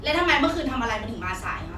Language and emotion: Thai, angry